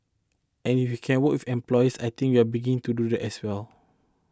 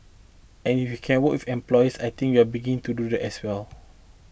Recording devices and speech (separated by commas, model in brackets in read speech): close-talking microphone (WH20), boundary microphone (BM630), read sentence